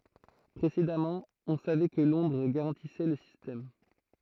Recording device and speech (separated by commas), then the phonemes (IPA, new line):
throat microphone, read sentence
pʁesedamɑ̃ ɔ̃ savɛ kə lɔ̃dʁ ɡaʁɑ̃tisɛ lə sistɛm